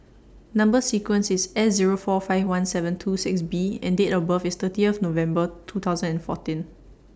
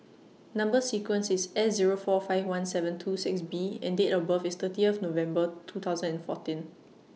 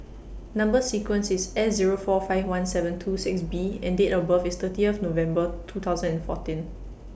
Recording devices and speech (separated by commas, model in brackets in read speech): standing microphone (AKG C214), mobile phone (iPhone 6), boundary microphone (BM630), read sentence